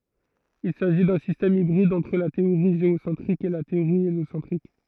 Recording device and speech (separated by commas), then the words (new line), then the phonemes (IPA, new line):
throat microphone, read sentence
Il s'agit d'un système hybride entre la théorie géocentrique et la théorie héliocentrique.
il saʒi dœ̃ sistɛm ibʁid ɑ̃tʁ la teoʁi ʒeosɑ̃tʁik e la teoʁi eljosɑ̃tʁik